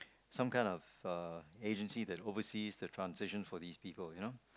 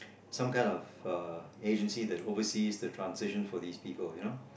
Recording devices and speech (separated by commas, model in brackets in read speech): close-talking microphone, boundary microphone, conversation in the same room